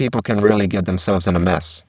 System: VC, spectral filtering